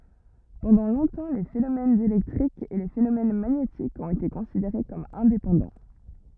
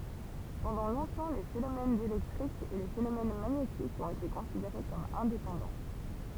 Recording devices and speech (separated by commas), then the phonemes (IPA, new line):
rigid in-ear microphone, temple vibration pickup, read sentence
pɑ̃dɑ̃ lɔ̃tɑ̃ le fenomɛnz elɛktʁikz e le fenomɛn maɲetikz ɔ̃t ete kɔ̃sideʁe kɔm ɛ̃depɑ̃dɑ̃